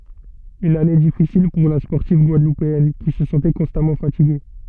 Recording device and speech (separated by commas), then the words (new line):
soft in-ear microphone, read sentence
Une année difficile pour la sportive guadeloupéenne, qui se sentait constamment fatiguée.